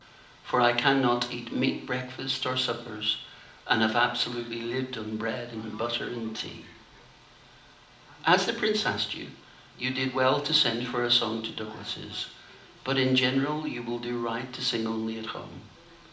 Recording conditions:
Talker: one person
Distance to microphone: 2.0 m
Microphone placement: close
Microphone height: 99 cm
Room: medium-sized (5.7 m by 4.0 m)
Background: television

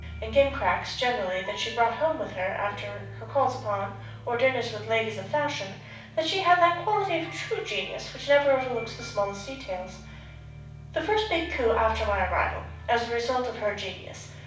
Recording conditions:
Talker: one person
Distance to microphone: 5.8 m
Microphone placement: far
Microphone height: 1.8 m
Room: medium-sized (5.7 m by 4.0 m)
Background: music

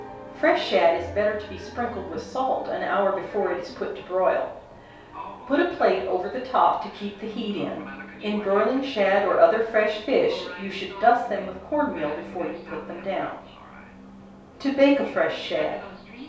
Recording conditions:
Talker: one person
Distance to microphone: 3.0 m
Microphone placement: far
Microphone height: 1.8 m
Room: small (3.7 m by 2.7 m)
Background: television

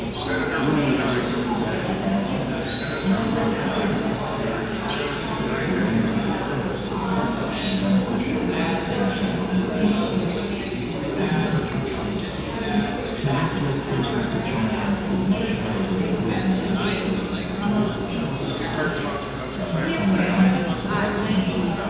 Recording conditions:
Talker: no one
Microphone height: 1.1 m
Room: very reverberant, large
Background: babble

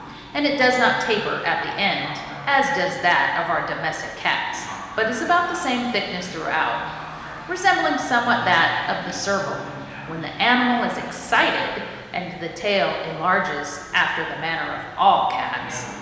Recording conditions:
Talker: one person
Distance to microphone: 1.7 m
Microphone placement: close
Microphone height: 1.0 m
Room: very reverberant, large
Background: television

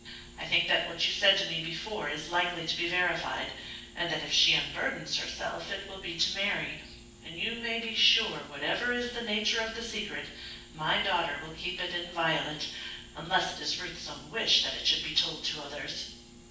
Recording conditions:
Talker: one person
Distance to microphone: 9.8 m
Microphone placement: far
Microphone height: 1.8 m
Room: large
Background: none

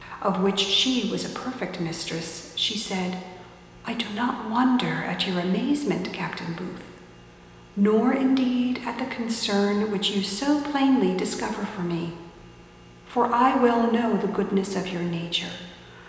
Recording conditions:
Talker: one person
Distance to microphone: 1.7 m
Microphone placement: close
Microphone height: 1.0 m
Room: very reverberant, large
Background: none

